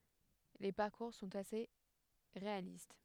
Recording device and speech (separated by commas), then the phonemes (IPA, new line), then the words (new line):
headset microphone, read sentence
le paʁkuʁ sɔ̃t ase ʁealist
Les parcours sont assez réalistes.